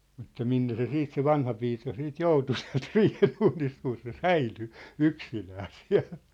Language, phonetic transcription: Finnish, mutta 'minne se 'siit se "vanhapiika siit "joutu siä̭lt "riihenuunist kun̬ se "säily , "yksinää 'siä̭l .
- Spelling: mutta minne se sitten se vanhapiika siitä joutui sieltä riihenuunista kun se säilyi yksinään siellä

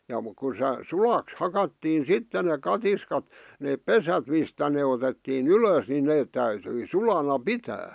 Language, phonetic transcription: Finnish, ja muk ku se 'sulaks 'hakattiin̬ "sitte nek 'katiskat , 'neep "pesät mistä ne otettii"n ‿ylös nin 'neet täytyi "sulana "pitää .
- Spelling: ja mutta kun se sulaksi hakattiin sitten ne katiskat ne pesät mistä ne otettiin ylös niin ne täytyi sulana pitää

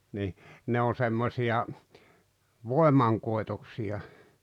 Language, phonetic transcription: Finnish, ni , 'ne o semmosi₍a , "voemaŋkoi̬toksi₍a .
- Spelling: niin ne on semmoisia voimankoitoksia

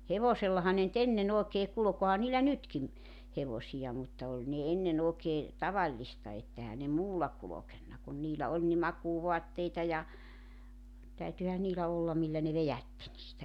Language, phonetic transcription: Finnish, 'hevosellaha ne nʸ't ‿enne'n ‿òekee 'kulᵒk 'ohan niillä "nytkim , 'hevosija mutta 'oĺ ne "enne'n ‿ookee , "tavallista et ehä ne "muulla 'kulokenna kun 'niilä 'ol ni 'makuuvoatteita ja , 'täytyhä 'niilä ollam 'millä ne "vejätti niitä .
- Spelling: hevosellahan ne nyt ennen oikein kulki onhan niillä nytkin hevosia mutta oli ne ennen oikein tavallista että eihän ne muulla kulkenut kun niillä oli niin makuuvaatteita ja täytyihän niillä olla millä ne vedätti niitä

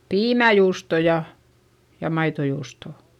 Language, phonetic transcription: Finnish, piimäjuusto ja , ja maitojuustò !
- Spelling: piimäjuustoa ja ja maitojuustoa

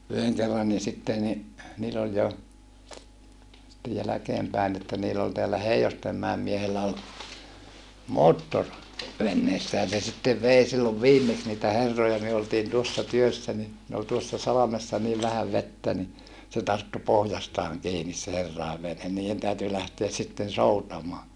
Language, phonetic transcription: Finnish, yheŋ kerranni sitte ni , niil ‿oĺ jo , ste jäläkeempäin että niil ‿ol teällä Hei₍ostemmäem miehellä ol , moottor , venneessään̬ se sittev vei sillov viimmeks niitä herroja myö oltiin tuossa työssä ni , ne ol tuossa salamessa niiv vähäv vettä ni , se tarttu pohjastaaŋ kiinis se herràev venhen nii₍en täyty lähteäs sitten soutamoa .
- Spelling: yhden kerrankin sitten niin niin oli jo sitten jälkeenpäin että niin oli täällä Heinostenmäen miehellä oli moottori veneessään se sitten vei silloin viimeksi niitä herroja me oltiin tuossa työssä niin ne oli tuossa salmessa niin vähän vettä niin se tarttui pohjastaan kiinni se herrojen vene niiden täytyi lähteä sitten soutamaan

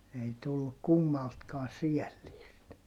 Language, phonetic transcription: Finnish, ei tullu kummaltkaa siälliist .
- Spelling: ei tullut kummaltakaan säällistä

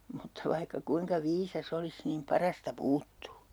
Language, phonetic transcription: Finnish, Mutta 'vaihka 'kuiŋka 'viisa's ‿olis niim 'parasta "puuttuu .
- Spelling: mutta vaikka kuinka viisas olisi niin parasta puuttuu

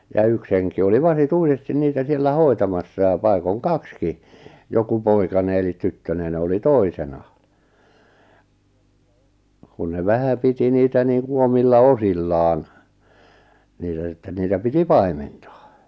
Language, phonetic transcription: Finnish, ja 'yks heŋki oli "vasi"tuisestin niitä siellä "hoi̬tamassa ja 'pai̬koŋ "kakski , joku 'poikane elit 'tyttönen ‿oli "toisena , kun ne 'vähä 'piti 'niitä 'niiŋku 'omilla "osillaan , niitä sitten niitä 'piti "pai̬menta .
- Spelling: ja yksi henki oli vasituisesti niitä siellä hoitamassa ja paikoin kaksikin joku poikanen eli tyttönen oli toisena kun ne vähän piti niitä niin kuin omilla osillaan niitä sitten niitä piti paimenta

